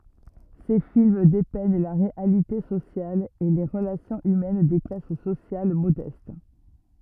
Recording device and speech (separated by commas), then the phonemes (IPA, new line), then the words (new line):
rigid in-ear microphone, read sentence
se film depɛɲ la ʁealite sosjal e le ʁəlasjɔ̃z ymɛn de klas sosjal modɛst
Ses films dépeignent la réalité sociale et les relations humaines des classes sociales modestes.